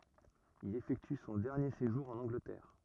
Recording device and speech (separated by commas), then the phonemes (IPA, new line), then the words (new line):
rigid in-ear microphone, read sentence
il efɛkty sɔ̃ dɛʁnje seʒuʁ ɑ̃n ɑ̃ɡlətɛʁ
Il effectue son dernier séjour en Angleterre.